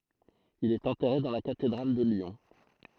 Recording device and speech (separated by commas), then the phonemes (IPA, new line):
throat microphone, read sentence
il ɛt ɑ̃tɛʁe dɑ̃ la katedʁal də ljɔ̃